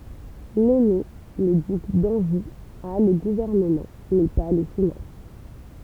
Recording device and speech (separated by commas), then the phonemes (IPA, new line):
temple vibration pickup, read sentence
lɛne lə dyk dɑ̃ʒu a lə ɡuvɛʁnəmɑ̃ mɛ pa le finɑ̃s